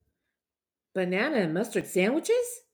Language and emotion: English, happy